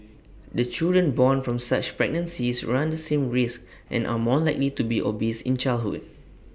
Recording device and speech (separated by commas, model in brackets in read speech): boundary microphone (BM630), read sentence